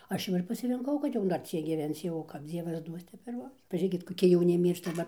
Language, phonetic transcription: Lithuanian, ˈaš jau ir pasirinˈkau kad ˈjau dar ˈciek gyˈvenc jau kap ˈdzievas ˈduos ˈtep ir ˈbus paˈžėkit koˈki jauˈni ˈmyršta va

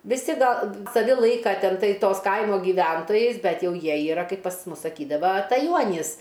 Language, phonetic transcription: Lithuanian, viˈsi ˈgal saˈvi ˈlaika ˈten ˈtai ˈtos ˈkaimo gyˈventojais ˈbet ˈjau ˈjie yˈra ˈkaip pas ˈmus saˈkydava ataˈjuonys

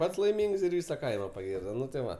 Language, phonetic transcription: Lithuanian, ˈpats laiˈmings ir ˈvisa ˈkaima paˈgirdo ˈnu tai ˈva

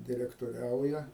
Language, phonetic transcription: Lithuanian, direktoˈriauja

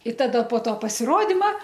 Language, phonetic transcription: Lithuanian, i ˈtada po ˈto pasiˈrodima

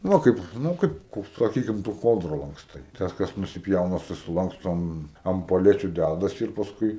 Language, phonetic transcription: Lithuanian, ˈva kaip ˈnu ˈkaip ˈkaip saˈkykim tu ˈkoldra lankˈstai ˈtas ˈkas nusiˈpjauna susiˈlankstom am poˈlečiu ˈdædasi ir pasˈkui

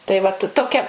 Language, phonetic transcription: Lithuanian, tai vat toˈkia

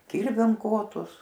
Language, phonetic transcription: Lithuanian, ˈkirviam ˈkotus

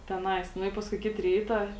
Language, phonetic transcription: Lithuanian, teˈnais ˈnu i ˈpaskui ˈkit ˈryta

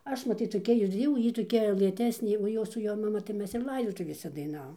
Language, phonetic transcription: Lithuanian, ˈaš maˈtyt toˈkia ir ˈjau ˈjy toˈkia lɘˈtesnė o ˈjos su ˈjo maˈma ir ˈlaidotuvėse daiˈnavom

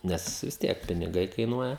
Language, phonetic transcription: Lithuanian, ˈnes vis ˈtiek piniˈgai kaiˈnuoja

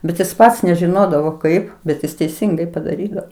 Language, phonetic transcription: Lithuanian, ˈbet ˈjis ˈpats nežiˈnodavo ˈkaip bet ˈjis teiˈsingai padaˈrydavo

